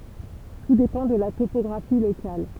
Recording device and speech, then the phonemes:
temple vibration pickup, read sentence
tu depɑ̃ də la topɔɡʁafi lokal

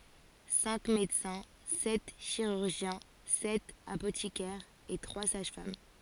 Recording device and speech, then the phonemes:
forehead accelerometer, read sentence
sɛ̃k medəsɛ̃ sɛt ʃiʁyʁʒjɛ̃ sɛt apotikɛʁz e tʁwa saʒ fam

